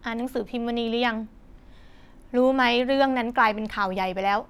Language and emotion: Thai, frustrated